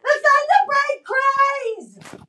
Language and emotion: English, happy